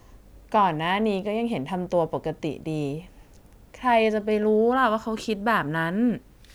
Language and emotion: Thai, frustrated